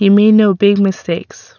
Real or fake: real